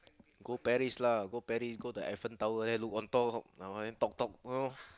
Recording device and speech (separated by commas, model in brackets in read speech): close-talking microphone, conversation in the same room